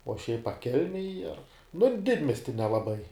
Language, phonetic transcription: Lithuanian, o šiaip a ˈkelmej ar nu ˈdidmiesti nelaˈbai

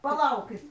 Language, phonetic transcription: Lithuanian, paˈlaukit

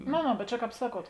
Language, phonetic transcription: Lithuanian, no no bet ˈčia ˈkāp ˈsaˌkuot

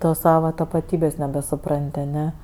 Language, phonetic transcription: Lithuanian, ˈtos ˈsava tapaˈtybės' nebesuˈpran't' aˈne

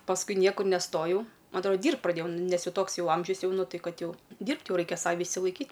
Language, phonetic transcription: Lithuanian, pasˈkui ˈniekur neˈstojau ˈma atˈroda ˈdyrbt praˈdėjau ˈnes ˈjau ˈtoks ˈjau ˈamžius ˈjau nu ˈtai ˈkad ˈjau ˈdyrbt ˈjau ˈraikia ˈsavi išsilaiˈkyt'

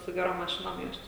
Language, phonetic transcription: Lithuanian, su geˈrom maˈšinom ˈjuos ˈčia

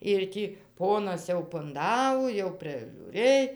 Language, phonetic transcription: Lithuanian, ir ˈtį ˈponas jau punˈdavo jau prižiūˈrɘj

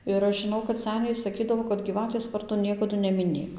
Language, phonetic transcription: Lithuanian, ir ˈaš žiˈnau kad ˈseniai saˈkydavo kad gyˈvatės ˈvardo ˈniekadu nemiˈnėk

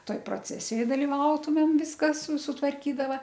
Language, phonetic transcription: Lithuanian, ˈtoj proˈcesijoj daliˈvautumėm ˈviskas sutvarˈkydava

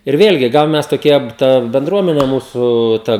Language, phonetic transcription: Lithuanian, ir ˈvėlgi ˈgal ˈmes toˈkie ˈta benˈdruomene ˈmūsu ˈta

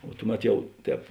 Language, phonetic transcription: Lithuanian, o ˈtuˌmet ˈjau ˈtēp

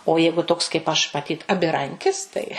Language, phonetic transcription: Lithuanian, o ˈjeigu toks kaip ˈaš maˈtyt abiˈrankis ˈtai

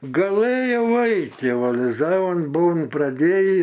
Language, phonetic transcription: Lithuanian, gaˈlɘjau ˈait' jau aliˈzavon ˈbuvom praˈdėjį

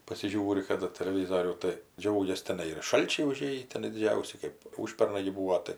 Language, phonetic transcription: Lithuanian, pasiˈžiūri kaˈda teleˈvyzorių tai ˈdžiaugias teˈnai ir ˈšalčiai uˈžėjį teˈnai diˈdžiausi ˈkɜp ˈūžpernai gi ˈbūo tai

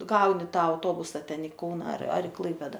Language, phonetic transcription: Lithuanian, ˈgauni ˈtą auˈtobusa ˈten i ˈkauna ar ar i ˈklaipėda

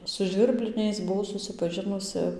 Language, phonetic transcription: Lithuanian, su žvirˈbliniais buˈvau susipaˈžinusɨ

